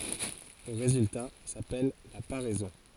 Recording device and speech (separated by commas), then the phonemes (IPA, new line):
forehead accelerometer, read sentence
lə ʁezylta sapɛl la paʁɛzɔ̃